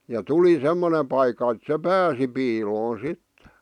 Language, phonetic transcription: Finnish, ja 'tuli "semmone paikka et 'se "pääsi piiloon̬ 'sitte .
- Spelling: ja tuli semmoinen paikka että se pääsi piiloon sitten

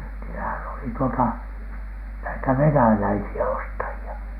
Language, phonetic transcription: Finnish, niilähän oli tuota , näitä "venäläisi₍ä 'ostaji₍a .
- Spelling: niillähän oli tuota näitä venäläisiä ostajia

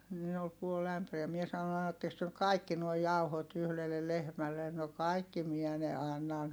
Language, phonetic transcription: Finnish, ni ol puol ‿ämpäriä(.) mie saⁿon » annatteks työ (nyk) kaikki nuoi jauhot yhlellel lehmällen » » no kàikki miɛ ne annan » sano .
- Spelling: niin oli puoli ämpäriä minä sanoin annattekos te nyt kaikki nuo jauhot yhdelle lehmälle no kaikki minä ne annan sanoi

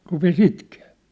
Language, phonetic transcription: Finnish, rupe"s ‿itkee .
- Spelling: rupesi itkemään

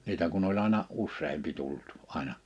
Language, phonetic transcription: Finnish, 'niitä kun ‿oĺ àena , 'usseempi 'tult , 'ài̬na .
- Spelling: niitä kun oli aina useampi tullut aina

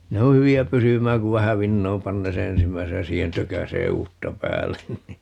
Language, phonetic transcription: Finnish, 'ne o 'hyvi₍ä 'pysymääŋ ku 'vähä "vinnoom 'pannee se "ensimmäisej ja 'siihen "tökäsee "uutta 'päällen ni .
- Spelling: ne on hyviä pysymään kun vähän vinoon panee sen ensimmäisen ja siihen tökäisee uutta päälle niin

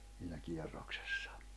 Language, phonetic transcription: Finnish, siinä 'kie̬rroksᴇssᴀ .
- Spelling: siinä kierroksessa

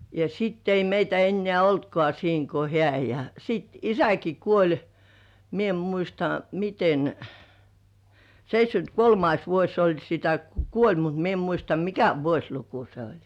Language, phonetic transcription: Finnish, ja sitt ‿ei meitä 'ennĕä̀ "oltkŏà 'siiŋ ko "hĕä̀ ja , 'sit "isäki "kuoĺ , "mie em 'muista , "miten , 'seit́śkynt ‿"kolmais 'vuoś se oĺ sitä ku "kuoĺ , mut 'mie em muista "mikä 'vuośluku se oĺ .
- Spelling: ja sitten ei meitä enää ollutkaan siinä kuin hän ja sitten isäkin kuoli minä en muista miten seitsemänkymmentä kolmas vuosi se oli sitä kun kuoli mutta minä en muista mikä vuosiluku se oli

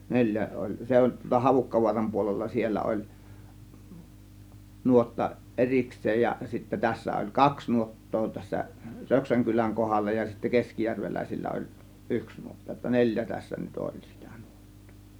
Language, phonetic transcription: Finnish, 'neĺjä oĺ , se ol̀ tualla Havukkavuaram puolella 'siellä ol̀ , 'nuotta , "ˀeriks̆seej ja sittä tässä oĺ "kaks 'nuot̀too tässä , "Röksäŋ kyläŋ 'kohalla ja sittä 'keskijärvelä̀isillä oĺ , "ˀyks 'nuotta jotta "neĺjä tässä nyt 'oĺ sItÄ NUOttOO .
- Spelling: neljä oli se oli tuolla Havukkavaaran puolella siellä oli nuotta erikseen ja sitten tässä oli kaksi nuottaa tässä Röksän kylän kohdalla ja sitten keskijärveläisillä oli yksi nuotta jotta neljä tässä nyt oli sitä nuottaa

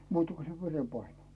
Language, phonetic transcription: Finnish, 'muutᴀ ku se 'vere'paine .
- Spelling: muuta kuin se verenpaine

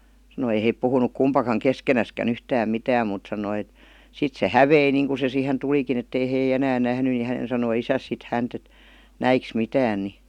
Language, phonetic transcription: Finnish, sanoi ei hèip 'puhunuk "kumpakaŋ "keskenäskän "yhtääm 'mitääm mùt sanoi et , 'sit se "hävei niiŋku se siihen 'tulikin ‿ettei hei "enään 'nähny ni 'hänen sanoi 'isäs sit 'hänt ‿et , "näiks » 'mitään « ni .
- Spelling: sanoi ei he puhunut kumpikaan keskenäänkään yhtään mitään mutta sanoi että sitten se hävisi niin kuin se siihen tulikin että ei he enää nähnyt niin hänen sanoi isänsä sitten häntä että näitkös mitään niin

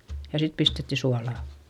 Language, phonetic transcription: Finnish, ja sit pistetti sualà .
- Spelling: ja sitten pistettiin suolaa

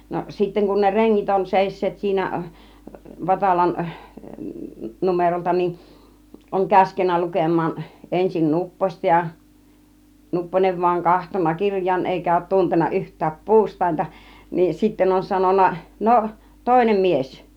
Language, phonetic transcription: Finnish, no sitteŋ kun ne "reŋŋit on 'sèis̆seet siinä , 'Vatalan , 'numerolta nin , oŋ "käskennä 'lukem̆maan , 'ˀensin "Nupposta ja , 'Nupponev (van) oŋ 'kahtonna 'kirj̆jaan 'èikä òut 'tunten̆na "yht̆tääp "puust̀àinta , nin 'sitten on 'sanon̆na » 'no , "tòinem "mies « .
- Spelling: no sitten kun ne rengit on seisseet siinä Vatalan numerolta niin on käskenyt lukemaan ensin Nupposta ja Nupponen vain on katsonut kirjaan eikä ole tuntenut yhtään puustainta niin sitten on sanonut no toinen mies

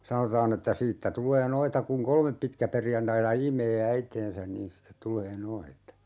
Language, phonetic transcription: Finnish, 'sanotaan ‿että 'siittä 'tul̀ee "noita kuŋ "kolmep 'pitkäperjantaita 'im̀ee "äiteensän niin sⁱtet 'tul̀ee "noita .
- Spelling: sanotaan että siitä tulee noita kun kolme pitkäperjantaita imee äitiänsä niin sitten tulee noita

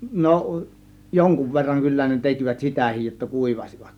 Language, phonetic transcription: Finnish, no , 'joŋkuv verraŋ kyllä ne 'tekivät "sitä̀hij jotta "kùivasivat .
- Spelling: no jonkun verran kyllä ne tekivät sitäkin jotta kuivasivat

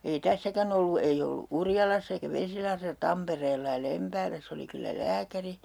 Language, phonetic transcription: Finnish, ei 'tässäkän ‿ollu ei 'ollu "Urjalass ‿eikä 'Vesilahresa "Tampereella ja 'Lempääläss ‿oli kyllä "lääkäri .
- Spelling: ei tässäkään ollut ei ollut Urjalassa eikä Vesilahdessa Tampereella ja Lempäälässä oli kyllä lääkäri

